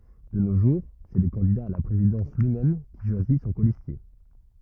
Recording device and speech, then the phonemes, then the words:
rigid in-ear microphone, read sentence
də no ʒuʁ sɛ lə kɑ̃dida a la pʁezidɑ̃s lyimɛm ki ʃwazi sɔ̃ kolistje
De nos jours, c'est le candidat à la présidence lui-même qui choisit son colistier.

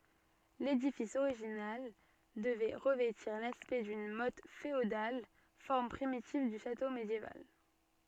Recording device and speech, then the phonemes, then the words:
soft in-ear microphone, read sentence
ledifis oʁiʒinal dəvɛ ʁəvɛtiʁ laspɛkt dyn mɔt feodal fɔʁm pʁimitiv dy ʃato medjeval
L'édifice original devait revêtir l'aspect d'une motte féodale, forme primitive du château médiéval.

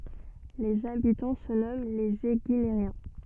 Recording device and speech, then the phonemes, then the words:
soft in-ear microphone, read sentence
lez abitɑ̃ sə nɔmɑ̃ lez eɡineʁjɛ̃
Les habitants se nomment les Éguinériens.

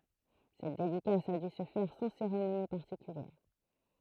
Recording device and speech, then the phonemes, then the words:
throat microphone, read sentence
sɛt dedikas a dy sə fɛʁ sɑ̃ seʁemoni paʁtikyljɛʁ
Cette dédicace a dû se faire sans cérémonie particulière.

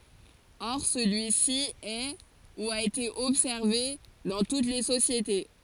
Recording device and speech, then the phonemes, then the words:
forehead accelerometer, read sentence
ɔʁ səlyi si ɛ u a ete ɔbsɛʁve dɑ̃ tut le sosjete
Or, celui-ci est, ou a été observé, dans toutes les sociétés.

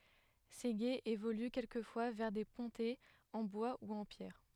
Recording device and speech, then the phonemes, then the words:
headset microphone, read sentence
se ɡez evoly kɛlkəfwa vɛʁ de pɔ̃tɛz ɑ̃ bwa u ɑ̃ pjɛʁ
Ces gués évoluent quelquefois vers des pontets en bois ou en pierre.

